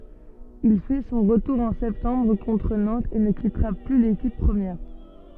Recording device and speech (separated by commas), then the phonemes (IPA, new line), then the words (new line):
soft in-ear microphone, read sentence
il fɛ sɔ̃ ʁətuʁ ɑ̃ sɛptɑ̃bʁ kɔ̃tʁ nɑ̃tz e nə kitʁa ply lekip pʁəmjɛʁ
Il fait son retour en septembre contre Nantes et ne quittera plus l'équipe première.